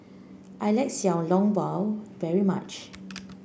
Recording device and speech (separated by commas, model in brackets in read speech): boundary microphone (BM630), read sentence